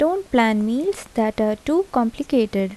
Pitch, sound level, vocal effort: 240 Hz, 78 dB SPL, soft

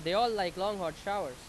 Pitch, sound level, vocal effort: 195 Hz, 95 dB SPL, very loud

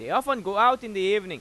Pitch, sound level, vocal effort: 225 Hz, 100 dB SPL, very loud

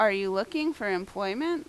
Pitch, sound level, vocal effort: 205 Hz, 89 dB SPL, loud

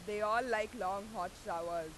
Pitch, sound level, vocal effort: 195 Hz, 96 dB SPL, very loud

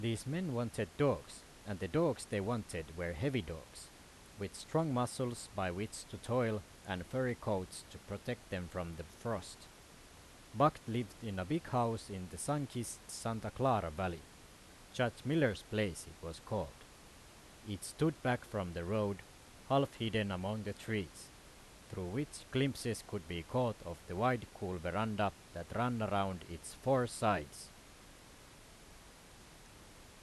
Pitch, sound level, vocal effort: 105 Hz, 86 dB SPL, loud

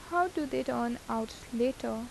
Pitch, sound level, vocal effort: 250 Hz, 81 dB SPL, soft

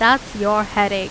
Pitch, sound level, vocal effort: 210 Hz, 90 dB SPL, loud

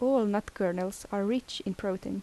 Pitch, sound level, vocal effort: 200 Hz, 79 dB SPL, soft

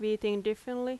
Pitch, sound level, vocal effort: 215 Hz, 87 dB SPL, loud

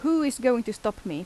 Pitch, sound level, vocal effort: 245 Hz, 85 dB SPL, normal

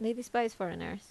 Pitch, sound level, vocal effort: 225 Hz, 79 dB SPL, normal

